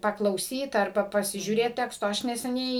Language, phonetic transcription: Lithuanian, paklauˈsyt arˈba pasižiūˈrėt ˈteksto ˈaš neseˈniai

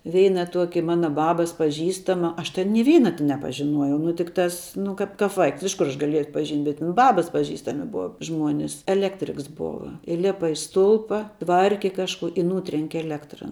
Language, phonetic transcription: Lithuanian, ˈveina ˈtuoki ˈmana ˈbabas paˈžįstama ˈaš ten ni ˈveina ti nepažiˈnuojai ˈnu tikˈtas ˈnu kap kap ˈvaiks iš kur ˈaš gaˈliejau atpaˈžynt' bet tin ˈbabas paˈžįstami ˈbua ˈžmuonis elˈektriks ˈbova iˈlepa i ˈstulpa ˈtvarki ˈkažkuo i ˈnūtrenki elˈektra

